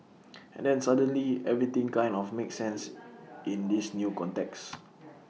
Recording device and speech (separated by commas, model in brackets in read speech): mobile phone (iPhone 6), read sentence